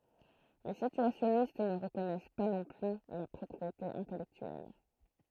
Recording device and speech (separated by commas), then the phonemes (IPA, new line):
throat microphone, read sentence
le sityasjɔnist nə ʁəkɔnɛs pa nɔ̃ ply la pʁɔpʁiete ɛ̃tɛlɛktyɛl